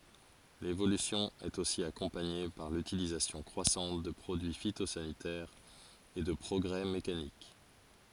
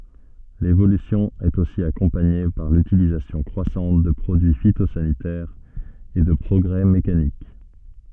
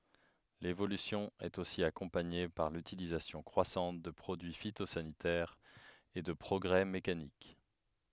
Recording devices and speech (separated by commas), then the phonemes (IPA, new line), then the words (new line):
forehead accelerometer, soft in-ear microphone, headset microphone, read sentence
levolysjɔ̃ ɛt osi akɔ̃paɲe paʁ lytilizasjɔ̃ kʁwasɑ̃t də pʁodyi fitozanitɛʁz e də pʁɔɡʁɛ mekanik
L'évolution est aussi accompagnée par l'utilisation croissante de produits phytosanitaires et de progrès mécaniques.